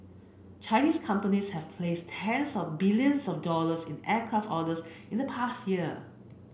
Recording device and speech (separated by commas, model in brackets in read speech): boundary microphone (BM630), read sentence